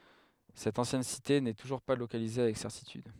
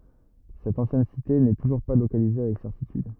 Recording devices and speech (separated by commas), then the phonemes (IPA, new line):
headset microphone, rigid in-ear microphone, read sentence
sɛt ɑ̃sjɛn site nɛ tuʒuʁ pa lokalize avɛk sɛʁtityd